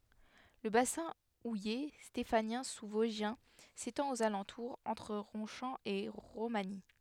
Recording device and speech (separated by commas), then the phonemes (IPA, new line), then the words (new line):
headset microphone, read sentence
lə basɛ̃ uje stefanjɛ̃ suzvɔzʒjɛ̃ setɑ̃t oz alɑ̃tuʁz ɑ̃tʁ ʁɔ̃ʃɑ̃ e ʁomaɲi
Le bassin houiller stéphanien sous-vosgien s’étend aux alentours, entre Ronchamp et Romagny.